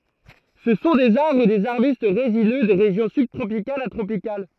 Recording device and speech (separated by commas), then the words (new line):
throat microphone, read sentence
Ce sont des arbres ou des arbustes résineux des régions subtropicales à tropicales.